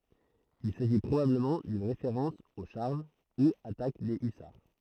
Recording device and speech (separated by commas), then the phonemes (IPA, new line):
throat microphone, read sentence
il saʒi pʁobabləmɑ̃ dyn ʁefeʁɑ̃s o ʃaʁʒ u atak de ysaʁ